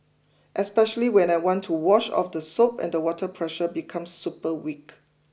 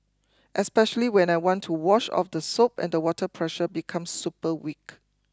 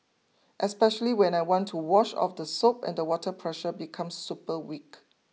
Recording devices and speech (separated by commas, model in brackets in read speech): boundary microphone (BM630), close-talking microphone (WH20), mobile phone (iPhone 6), read sentence